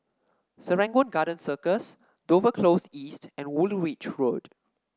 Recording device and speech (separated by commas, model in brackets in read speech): standing microphone (AKG C214), read sentence